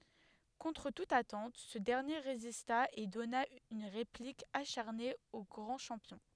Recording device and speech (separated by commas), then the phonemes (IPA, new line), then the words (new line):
headset microphone, read sentence
kɔ̃tʁ tut atɑ̃t sə dɛʁnje ʁezista e dɔna yn ʁeplik aʃaʁne o ɡʁɑ̃ ʃɑ̃pjɔ̃
Contre toute attente, ce dernier résista et donna une réplique acharnée au grand champion.